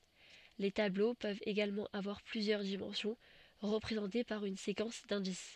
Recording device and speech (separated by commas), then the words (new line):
soft in-ear microphone, read sentence
Les tableaux peuvent également avoir plusieurs dimensions, représentées par une séquence d'indices.